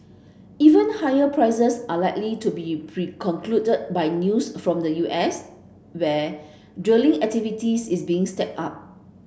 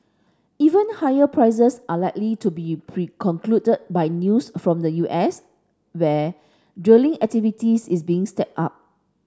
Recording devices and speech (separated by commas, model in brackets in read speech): boundary microphone (BM630), standing microphone (AKG C214), read sentence